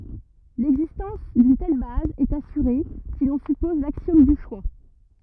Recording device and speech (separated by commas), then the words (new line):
rigid in-ear microphone, read sentence
L'existence d'une telle base est assurée si l'on suppose l'axiome du choix.